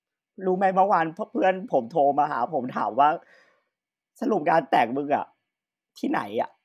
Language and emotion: Thai, happy